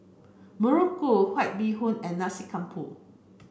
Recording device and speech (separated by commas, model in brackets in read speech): boundary microphone (BM630), read sentence